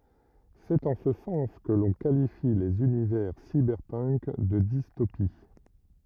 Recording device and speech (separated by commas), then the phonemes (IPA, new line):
rigid in-ear microphone, read sentence
sɛt ɑ̃ sə sɑ̃s kə lɔ̃ kalifi lez ynivɛʁ sibɛʁpənk də distopi